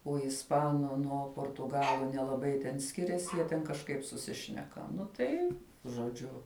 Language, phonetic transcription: Lithuanian, o isˈpanu ˈnuo portuˈgalu nelaˈbai ten ˈskiriasi ˈjie ten kažˈkaip suˈsišneka ˈnu tai žoˈdžiu

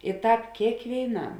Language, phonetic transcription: Lithuanian, i ˈtāp kėkvėiˈnam

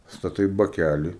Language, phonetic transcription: Lithuanian, staˈtai baˈkæli

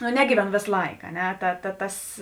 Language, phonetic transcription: Lithuanian, nu ˈnegyveˌno ˈvės ˈlaik a ˈne ˈta ta ˈtas

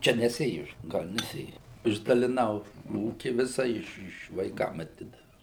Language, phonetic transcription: Lithuanian, ˈčia neˈsėju ˈgal' neˈsėju išdaliˈnau ˈūki ˈvisa ˈiš ˈiš vaiˈkam aˈtidaviau

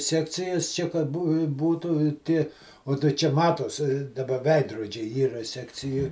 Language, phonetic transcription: Lithuanian, ˈsekcijas ˈčia kad ˈbū ˈbūtu i ˈtie o tai ˈčia ˈmatos daˈba ˈveidrodžiai ˈyra ˈsekcijoj

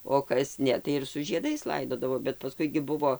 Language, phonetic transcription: Lithuanian, o kas ˈne tai ir su žieˈdais ˈlaidodavo bet paˈskui gi ˈbuvo

